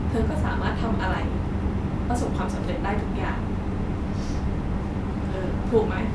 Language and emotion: Thai, sad